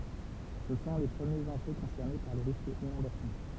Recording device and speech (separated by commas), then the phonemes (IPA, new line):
temple vibration pickup, read sentence
sə sɔ̃ le pʁəmjez ɑ̃ʒø kɔ̃sɛʁne paʁ lə ʁisk inɔ̃dasjɔ̃